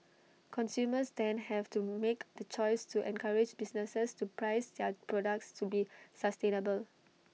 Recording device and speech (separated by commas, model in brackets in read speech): mobile phone (iPhone 6), read sentence